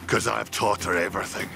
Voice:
deep voice